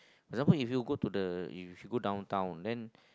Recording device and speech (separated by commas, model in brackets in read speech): close-talking microphone, conversation in the same room